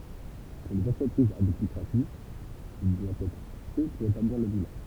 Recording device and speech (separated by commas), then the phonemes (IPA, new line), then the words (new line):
temple vibration pickup, read sentence
puʁ lez ɑ̃tʁəpʁizz a byt lykʁatif il dwa ɛtʁ fɛ puʁ etabliʁ lə bilɑ̃
Pour les entreprises à but lucratif, il doit être fait pour établir le bilan.